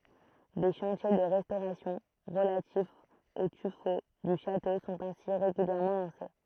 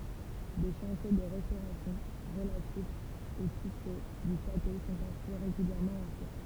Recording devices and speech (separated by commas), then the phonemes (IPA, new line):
throat microphone, temple vibration pickup, read sentence
de ʃɑ̃tje də ʁɛstoʁasjɔ̃ ʁəlatifz o tyfo dy ʃato sɔ̃t ɛ̃si ʁeɡyljɛʁmɑ̃ lɑ̃se